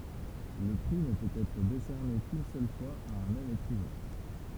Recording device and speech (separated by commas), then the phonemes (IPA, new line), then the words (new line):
temple vibration pickup, read sentence
lə pʁi nə pøt ɛtʁ desɛʁne kyn sœl fwaz a œ̃ mɛm ekʁivɛ̃
Le prix ne peut être décerné qu'une seule fois à un même écrivain.